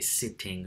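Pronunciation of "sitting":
In 'sitting', the t is fully pronounced; it is not turned into a glottal stop.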